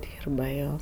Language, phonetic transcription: Lithuanian, ˈdyrba ˈjo

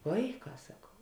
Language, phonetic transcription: Lithuanian, ˈvaiˌkā saˈkau

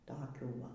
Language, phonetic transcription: Lithuanian, ˈtokių ˈva

